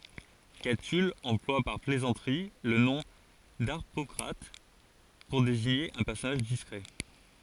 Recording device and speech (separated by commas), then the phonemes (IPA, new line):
forehead accelerometer, read sentence
katyl ɑ̃plwa paʁ plɛzɑ̃tʁi lə nɔ̃ daʁpɔkʁat puʁ deziɲe œ̃ pɛʁsɔnaʒ diskʁɛ